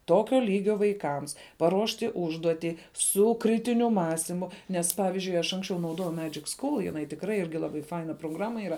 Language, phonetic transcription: Lithuanian, ˈtokio ˈlygio vaiˈkams paˈruošti ˈužduotį ˈsu ˈkritiniu ˈmąstimu nes ˈpavizdžiui aš ˈanksčiau nauˈdojau ˈmedžik ˈskul jiˈnai tikˈrai ˈirgi laˈbai ˈfaina proˈgrama ˈira

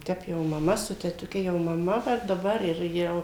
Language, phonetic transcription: Lithuanian, ˈtep jau maˈma su tetuˈke jau maˈma va daˈbar ir ˈjau

